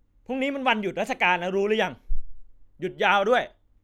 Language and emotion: Thai, angry